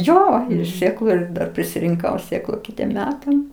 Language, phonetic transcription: Lithuanian, ˈjo ir ˈsėklu ir ˈdar prisirinˈkau ˈsėklu ˈkitiem ˈmetam

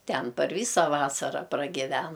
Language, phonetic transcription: Lithuanian, ˈten par ˈvysa ˈvasara pragiˈven

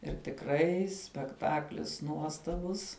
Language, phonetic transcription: Lithuanian, ir tikˈrai spekˈtaklis ˈnuostabus

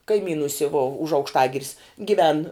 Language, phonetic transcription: Lithuanian, kaiˈmynusi vo už aukšˈtagiris giˈven

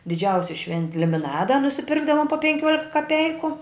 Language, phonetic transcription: Lithuanian, diˈdžiausi ˈšventi limiˈnada nusiˈpirkdavom po penˈkiuolika kaˈpeiku

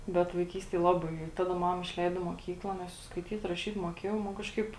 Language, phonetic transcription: Lithuanian, bet vaiˈkystėj ˈlaˌbai i ˈtaˌda ˈmama išˈleido i moˈkykla ˈnes jau skaiˈtyt raˈšyt moˈkėjau ma ˈkažˌkaip

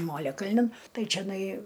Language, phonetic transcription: Lithuanian, ˈmoliakalnin ˈtai čeˈnai

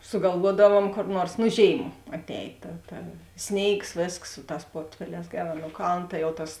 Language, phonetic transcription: Lithuanian, sugalˈvuodavuom kor ˈnuors nu ˈžėim atˈēj ta ta ˈsnėigs ˈvėsks ˈsu ˌtās ˈportfeˌlēs ˈgeˌrā nuo ˈkaln ˈta jau ˈtas

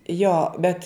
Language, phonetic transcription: Lithuanian, ˈjo bet

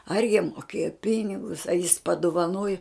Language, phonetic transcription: Lithuanian, ar jiem moˈkėjo ˈpinigus a jis paduvaˈnoju

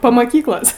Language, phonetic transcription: Lithuanian, pa maˈkyklos

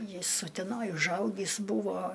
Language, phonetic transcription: Lithuanian, ˈjis uteˈnoj užˈaugįs ˈbūvo

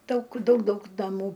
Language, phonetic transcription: Lithuanian, ˈdaug ˈdaug ˈdaug naˈmų

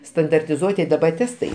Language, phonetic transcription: Lithuanian, standartiˈzuoti daˈba ˈtestai

